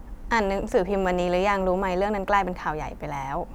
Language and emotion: Thai, neutral